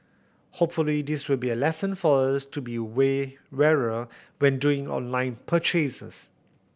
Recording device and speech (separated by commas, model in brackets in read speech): boundary microphone (BM630), read sentence